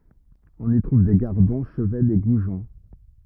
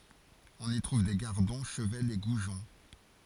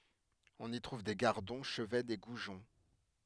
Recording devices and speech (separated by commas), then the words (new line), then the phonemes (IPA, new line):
rigid in-ear microphone, forehead accelerometer, headset microphone, read sentence
On y trouve des gardons, chevaines et goujons.
ɔ̃n i tʁuv de ɡaʁdɔ̃ ʃəvɛnz e ɡuʒɔ̃